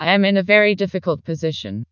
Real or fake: fake